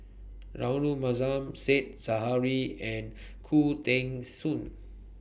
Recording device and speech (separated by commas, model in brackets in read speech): boundary microphone (BM630), read sentence